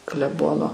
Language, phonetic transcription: Lithuanian, kleˈbono

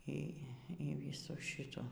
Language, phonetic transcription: Lithuanian, ˈy ˈy ˈvysų ˈšitų

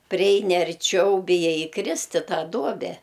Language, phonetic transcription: Lithuanian, priˈeini arˈčiau biˈjai įˈkrist' i ˈtą ˈduobe

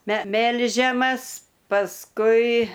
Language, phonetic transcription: Lithuanian, me ˈmelžiamas pasˈkui

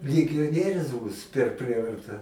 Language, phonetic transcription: Lithuanian, ligioˈnierius ˈbūs per ˈprievarta

